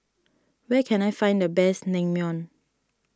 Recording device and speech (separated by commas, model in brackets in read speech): standing microphone (AKG C214), read sentence